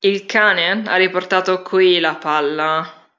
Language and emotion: Italian, disgusted